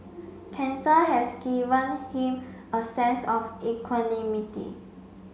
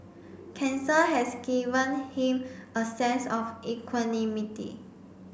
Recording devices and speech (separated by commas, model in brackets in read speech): mobile phone (Samsung C5), boundary microphone (BM630), read sentence